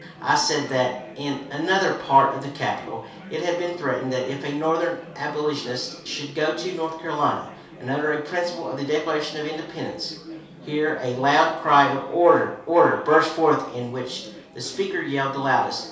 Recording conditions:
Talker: one person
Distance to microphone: 3.0 m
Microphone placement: far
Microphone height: 1.8 m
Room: small (3.7 m by 2.7 m)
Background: babble

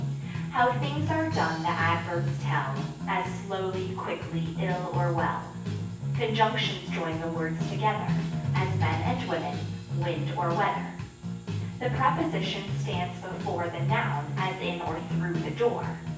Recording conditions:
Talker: one person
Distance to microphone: 9.8 m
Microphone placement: far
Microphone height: 1.8 m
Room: large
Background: music

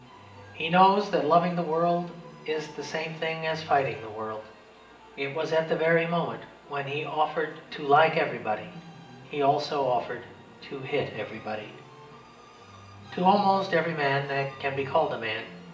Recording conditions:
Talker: one person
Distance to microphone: 1.8 m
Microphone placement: close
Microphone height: 1.0 m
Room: large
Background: music

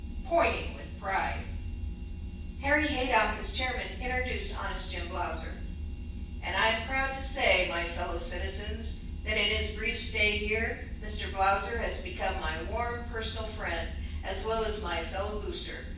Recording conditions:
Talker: one person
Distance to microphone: 9.8 m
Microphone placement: far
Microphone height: 1.8 m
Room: large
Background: none

